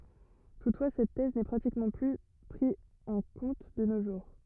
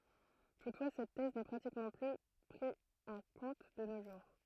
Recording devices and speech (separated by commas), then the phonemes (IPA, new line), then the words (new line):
rigid in-ear microphone, throat microphone, read sentence
tutfwa sɛt tɛz nɛ pʁatikmɑ̃ ply pʁi ɑ̃ kɔ̃t də no ʒuʁ
Toutefois cette thèse n'est pratiquement plus pris en compte de nos jours.